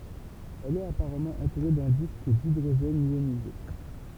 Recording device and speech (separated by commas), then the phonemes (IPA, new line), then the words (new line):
temple vibration pickup, read sentence
ɛl ɛt apaʁamɑ̃ ɑ̃tuʁe dœ̃ disk didʁoʒɛn jonize
Elle est apparemment entourée d'un disque d'hydrogène ionisé.